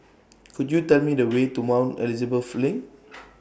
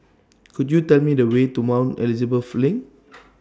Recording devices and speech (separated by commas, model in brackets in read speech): boundary microphone (BM630), standing microphone (AKG C214), read sentence